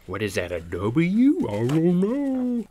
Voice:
silly voice